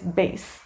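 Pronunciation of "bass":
'Bass' is pronounced correctly here.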